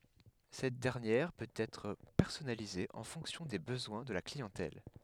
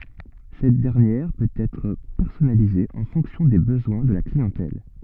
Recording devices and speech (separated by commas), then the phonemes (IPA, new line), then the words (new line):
headset microphone, soft in-ear microphone, read sentence
sɛt dɛʁnjɛʁ pøt ɛtʁ pɛʁsɔnalize ɑ̃ fɔ̃ksjɔ̃ de bəzwɛ̃ də la kliɑ̃tɛl
Cette dernière peut être personnalisée en fonction des besoins de la clientèle.